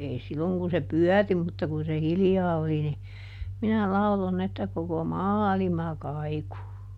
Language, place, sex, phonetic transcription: Finnish, Juupajoki, female, ˈei ˈsilloŋ kun se "pyɔ̈̀ri mutta kun se "hiljaa oli ni , ˈminä ˈlaulon ‿että koko "maalima ˈkaiku !
- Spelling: ei silloin kun se pyöri mutta kun se hiljaa oli niin minä lauloin että koko maailma kaikui

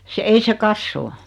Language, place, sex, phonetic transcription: Finnish, Noormarkku, female, se 'ei se "kassoo .
- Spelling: se ei se kasva

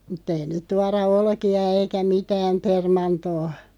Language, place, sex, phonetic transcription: Finnish, Loppi, female, mut't ‿ei "nyt 'tuara "olki₍a 'eikä "mitääm 'permantoo .
- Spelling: mutta ei nyt tuoda olkia eikä mitään permantoon

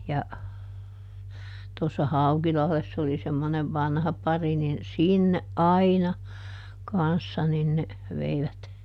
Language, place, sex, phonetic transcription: Finnish, Juupajoki, female, ja , tossa "Haukilahless ‿oli semmonev "vanha ˈpari nin , "sinneʼ "ʼaina , ˈkanssa nin ne , ˈveivät .
- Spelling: ja tuossa Haukilahdessa oli semmoinen vanha pari niin sinne aina kanssa niin ne veivät

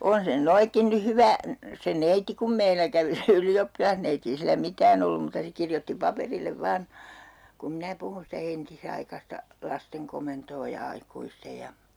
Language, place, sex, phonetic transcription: Finnish, Urjala, female, 'on se nyn 'noikkin ny "hyvä , se 'neiti kum 'meilä kävi se 'yli₍oppilahneiti ei sillä "mitään ‿ollum muuta 'se kirjotti 'paperillev 'vaan , kum 'minä 'puhun sitä 'entisaikasta , 'lasteŋ komentoo ja 'aikuistej ja ,.
- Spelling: on se nyt noinkin nyt hyvä se neiti kun meillä kävi se ylioppilasneiti ei sillä mitään ollut muuta se kirjoitti paperille vain kun minä puhuin sitä entisaikaista lasten komentoa ja aikuisten ja

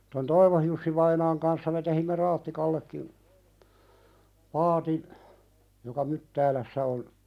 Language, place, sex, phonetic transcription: Finnish, Pälkäne, male, ton "Toivohjussi'vainaaŋ kanssa me tehimme "Raattikallekkim , 'paatin , joka "Myttäälässä on ,.
- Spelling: tuon Toivon Jussi-vainaan kanssa me teimme Raattikallekin paatin joka Myttäälässä on

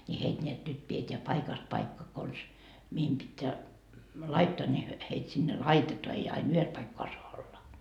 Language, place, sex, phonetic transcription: Finnish, Markkova, female, ńi 'heit ńeät nyt pieteä 'paikast 'paikka kons , mihim pitteä , "laittoa ńi hyö , heit sinne "laitetoa 'ei ain 'yhes paikkoa soa 'olla .
- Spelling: niin heitä näet nyt pidetään paikasta paikkaan konsa mihin pitää laittaa niin he heitä sinne laitetaan ei aina yhdessä paikkaa saa olla

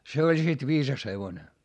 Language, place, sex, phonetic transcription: Finnish, Hietamäki, male, se oĺ sit viisas hevone .
- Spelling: se oli sitten viisas hevonen

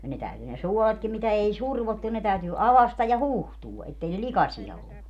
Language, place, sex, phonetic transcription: Finnish, Padasjoki, female, ja ne 'täyty ne "suoletkim mitä 'ei "survottu ne täytyy 'avastaj ja "hùhtuu , 'ettei ne "likasia 'ollu .
- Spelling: ja ne täytyi ne suoletkin mitä ei survottu ne täytyy aukaista ja huuhtoa että ei ne likaisia ollut

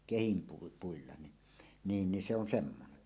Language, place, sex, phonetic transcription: Finnish, Suomussalmi, male, 'kehimpui- '-puilla ni , 'niin ni se on 'semmone .
- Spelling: - kehinpuilla niin niin niin se on semmoinen

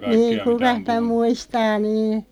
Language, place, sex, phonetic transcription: Finnish, Loppi, female, niiŋ "kukaʰ (nii)tä 'muistaa 'niin̬ .
- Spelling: niin kukas niitä muistaa niin

